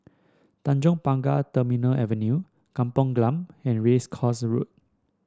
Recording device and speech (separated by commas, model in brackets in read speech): standing microphone (AKG C214), read sentence